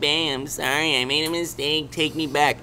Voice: whiny voice